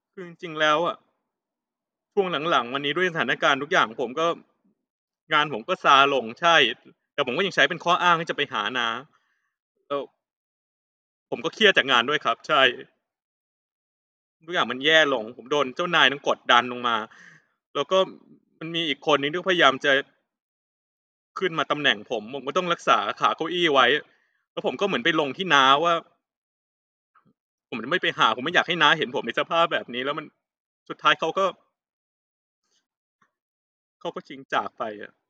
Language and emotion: Thai, sad